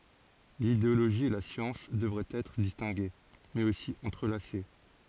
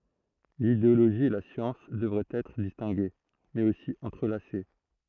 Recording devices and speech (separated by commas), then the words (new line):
forehead accelerometer, throat microphone, read sentence
L'idéologie et la science devraient être distinguées, mais aussi entrelacées.